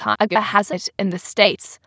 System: TTS, waveform concatenation